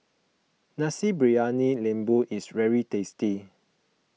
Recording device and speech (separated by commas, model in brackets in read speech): mobile phone (iPhone 6), read sentence